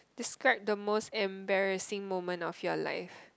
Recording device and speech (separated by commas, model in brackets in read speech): close-talking microphone, conversation in the same room